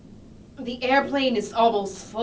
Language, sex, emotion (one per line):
English
female
disgusted